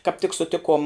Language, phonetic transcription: Lithuanian, kāp tik suˈtikuom

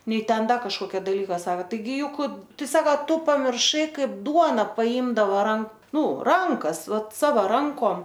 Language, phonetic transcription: Lithuanian, ˈnei ˈten ˈda kažkoˈkia daˈlyka ˈsaka ˈtai ˈjuk ˈtai ˈsaka ˈtu pamirˈšai ˈkaip ˈduona paˈymdavo ˈran ˈnu ˈrankas ˈvat ˈsava ˈrankom

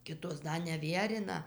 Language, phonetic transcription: Lithuanian, ˈkitos ˈda neˈvierina

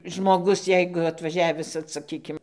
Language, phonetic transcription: Lithuanian, žmoˈgus ˈjeigu atvaˈžiavis vat saˈkykim

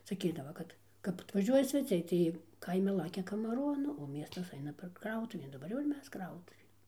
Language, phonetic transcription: Lithuanian, saˈkydava ˈkad kap atvaˈžiuoja sveˈciai tai ˈjie ˈkaimi ˈlakia kamaˈron o ˈmiestas ˈaina per ˈkrautuvėn daˈbar jau ir ˈmes ˈkrautuvėn

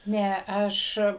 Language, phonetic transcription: Lithuanian, ˈne ˈaš

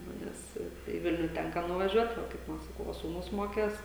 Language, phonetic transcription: Lithuanian, ˈnu ˈnes tai į ˈvilniu ˈtenka nuvaˈžiuot ˈva kaip ˈva saˈkau ˈva sūˈnus ˈmokės

